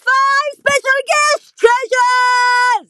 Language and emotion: English, sad